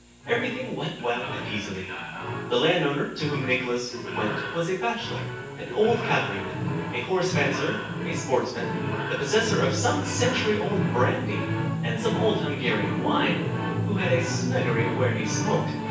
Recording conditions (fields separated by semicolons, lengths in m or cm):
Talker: one person; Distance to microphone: 9.8 m; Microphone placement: far; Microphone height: 1.8 m; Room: large; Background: television